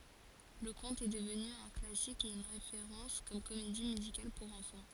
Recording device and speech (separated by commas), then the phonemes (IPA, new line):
forehead accelerometer, read sentence
lə kɔ̃t ɛ dəvny œ̃ klasik e yn ʁefeʁɑ̃s kɔm komedi myzikal puʁ ɑ̃fɑ̃